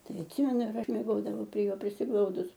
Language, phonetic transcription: Lithuanian, ˈtai atˈsimenu ir ˈaš mieˈgodavau prie ˈjo prisiˈglaudus

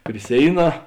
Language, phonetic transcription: Lithuanian, pri ˈsėiˌnā

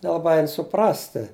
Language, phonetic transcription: Lithuanian, nelaˈbai ˈein suˈprasti

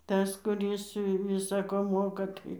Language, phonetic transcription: Lithuanian, ˈtas kuˈris ˈvisa ko ˈmoka ˈtai

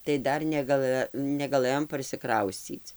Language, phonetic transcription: Lithuanian, tai ˈdar negaˈlɘ negaˈlɘjom parsiˈkrauscyc

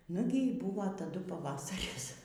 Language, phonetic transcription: Lithuanian, ˈnugi y ˈbūvo taˈdu paˈvasaris

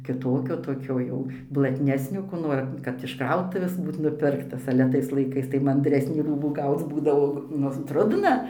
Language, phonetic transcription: Lithuanian, kiˈtokio toˈkio jau blatˈnesnio ko ˈnor kad iš ˈkrautuvės ˈbūt nuˈpirktas ale ˈtais laiˈkais tai mandˈresnį ˈrūbų ˈgauc ˈbūdavo ˈnu ˈtrudna

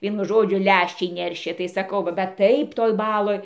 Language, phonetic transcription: Lithuanian, ˈvienu ˈžodžiu ˈlæščiai ˈneršė tai ˈsakau bet ˈtaip toj ˈbaloj

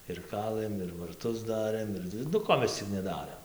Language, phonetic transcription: Lithuanian, ir ˈkalɘm ir varˈtus ˈdarɘm ˈir nu ˈko mes ˈcik neˈdarėm

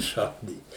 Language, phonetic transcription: Lithuanian, ˈšaudyt

